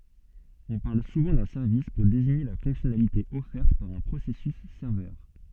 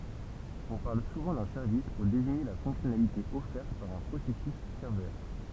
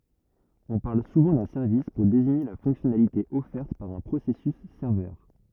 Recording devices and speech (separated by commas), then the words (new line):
soft in-ear microphone, temple vibration pickup, rigid in-ear microphone, read sentence
On parle souvent d'un service pour désigner la fonctionnalité offerte par un processus serveur.